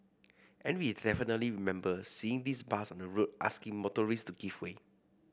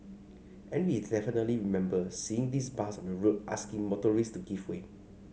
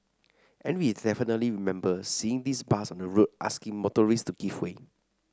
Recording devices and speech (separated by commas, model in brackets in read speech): boundary microphone (BM630), mobile phone (Samsung C5), standing microphone (AKG C214), read sentence